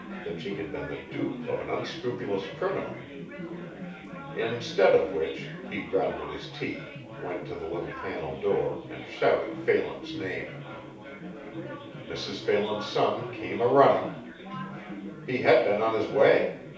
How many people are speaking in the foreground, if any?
One person.